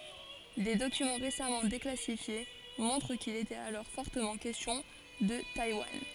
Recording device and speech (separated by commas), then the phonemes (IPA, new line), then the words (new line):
forehead accelerometer, read sentence
de dokymɑ̃ ʁesamɑ̃ deklasifje mɔ̃tʁ kil etɛt alɔʁ fɔʁtəmɑ̃ kɛstjɔ̃ də tajwan
Des documents récemment déclassifiés montrent qu'il était alors fortement question de Taïwan.